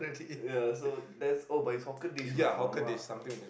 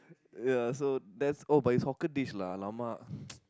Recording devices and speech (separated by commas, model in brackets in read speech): boundary microphone, close-talking microphone, conversation in the same room